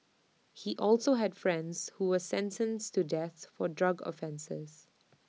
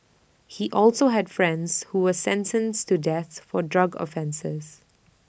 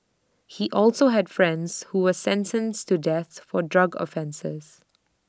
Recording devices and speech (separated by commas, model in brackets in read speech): mobile phone (iPhone 6), boundary microphone (BM630), standing microphone (AKG C214), read sentence